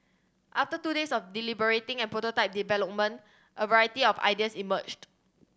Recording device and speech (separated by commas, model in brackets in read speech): standing microphone (AKG C214), read sentence